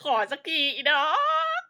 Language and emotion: Thai, happy